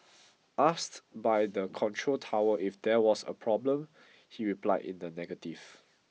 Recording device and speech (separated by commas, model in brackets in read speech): mobile phone (iPhone 6), read sentence